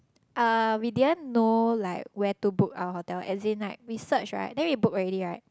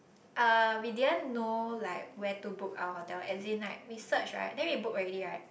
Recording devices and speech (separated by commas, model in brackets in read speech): close-talking microphone, boundary microphone, conversation in the same room